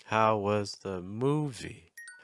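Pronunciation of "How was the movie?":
'How was the movie?' starts on a low pitch and finishes on a higher pitch.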